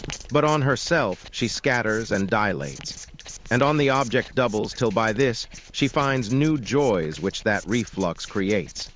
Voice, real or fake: fake